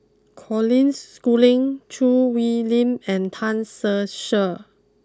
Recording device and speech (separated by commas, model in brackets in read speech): close-talking microphone (WH20), read sentence